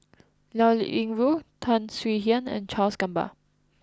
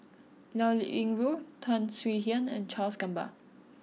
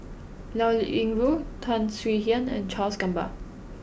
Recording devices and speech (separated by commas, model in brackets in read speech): close-talking microphone (WH20), mobile phone (iPhone 6), boundary microphone (BM630), read sentence